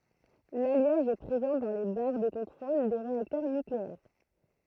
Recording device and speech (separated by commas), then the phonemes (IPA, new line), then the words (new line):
throat microphone, read sentence
laljaʒ ɛ pʁezɑ̃ dɑ̃ le baʁ də kɔ̃tʁol de ʁeaktœʁ nykleɛʁ
L'alliage est présent dans les barres de contrôle des réacteurs nucléaires.